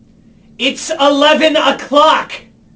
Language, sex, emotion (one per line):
English
male
angry